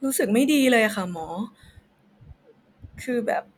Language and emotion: Thai, sad